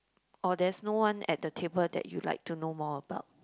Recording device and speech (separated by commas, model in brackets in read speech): close-talking microphone, conversation in the same room